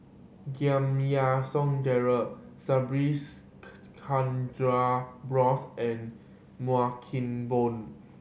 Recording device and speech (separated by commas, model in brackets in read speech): mobile phone (Samsung C7100), read sentence